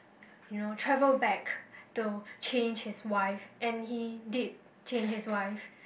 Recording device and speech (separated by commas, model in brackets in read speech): boundary microphone, conversation in the same room